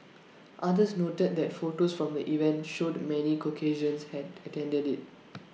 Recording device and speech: mobile phone (iPhone 6), read sentence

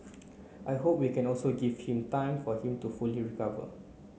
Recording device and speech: mobile phone (Samsung C9), read sentence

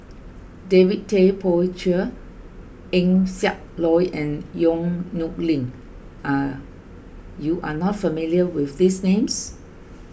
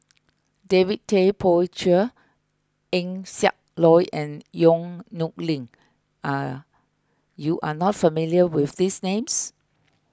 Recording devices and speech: boundary microphone (BM630), close-talking microphone (WH20), read sentence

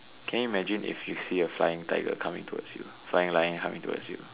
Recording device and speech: telephone, conversation in separate rooms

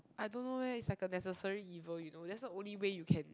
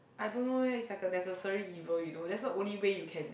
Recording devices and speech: close-talking microphone, boundary microphone, conversation in the same room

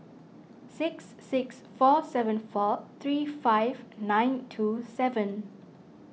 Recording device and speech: mobile phone (iPhone 6), read sentence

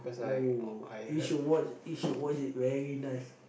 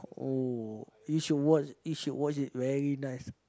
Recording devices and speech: boundary microphone, close-talking microphone, conversation in the same room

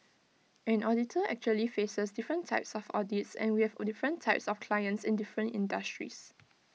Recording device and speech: mobile phone (iPhone 6), read sentence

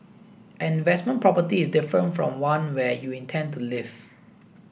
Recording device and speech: boundary microphone (BM630), read sentence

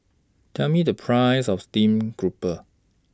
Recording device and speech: standing microphone (AKG C214), read sentence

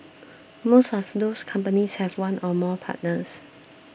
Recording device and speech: boundary microphone (BM630), read sentence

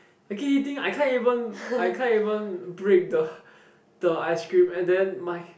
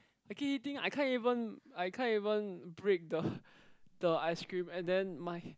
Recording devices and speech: boundary microphone, close-talking microphone, conversation in the same room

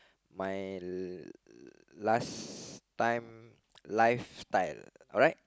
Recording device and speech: close-talking microphone, conversation in the same room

